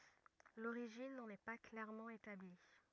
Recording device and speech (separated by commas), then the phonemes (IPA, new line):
rigid in-ear microphone, read sentence
loʁiʒin nɑ̃n ɛ pa klɛʁmɑ̃ etabli